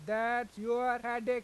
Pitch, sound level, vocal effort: 240 Hz, 99 dB SPL, loud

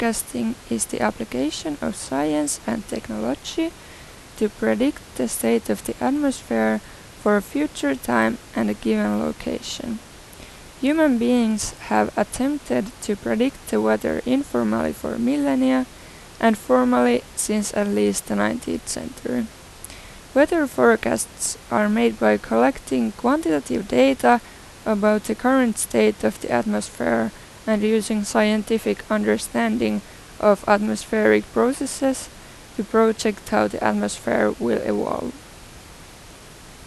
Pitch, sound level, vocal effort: 215 Hz, 84 dB SPL, normal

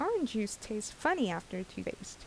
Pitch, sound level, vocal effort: 215 Hz, 78 dB SPL, normal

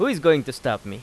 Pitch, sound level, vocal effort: 130 Hz, 92 dB SPL, loud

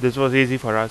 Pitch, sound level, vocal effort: 130 Hz, 90 dB SPL, loud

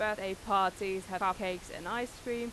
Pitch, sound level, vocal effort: 195 Hz, 92 dB SPL, loud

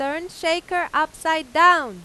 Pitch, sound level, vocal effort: 320 Hz, 100 dB SPL, very loud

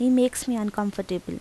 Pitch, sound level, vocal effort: 215 Hz, 82 dB SPL, normal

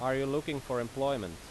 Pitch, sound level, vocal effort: 135 Hz, 90 dB SPL, loud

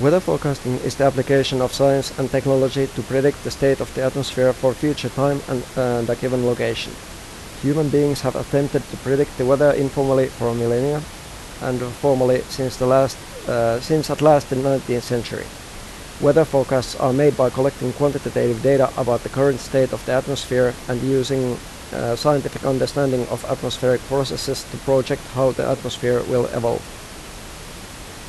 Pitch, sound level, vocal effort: 130 Hz, 86 dB SPL, normal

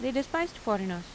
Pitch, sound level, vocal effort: 260 Hz, 86 dB SPL, normal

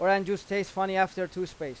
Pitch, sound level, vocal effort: 190 Hz, 95 dB SPL, loud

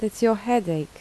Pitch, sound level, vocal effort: 225 Hz, 78 dB SPL, soft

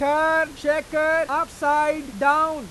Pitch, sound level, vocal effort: 300 Hz, 103 dB SPL, very loud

